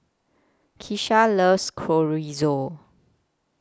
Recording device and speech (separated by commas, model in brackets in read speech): close-talking microphone (WH20), read sentence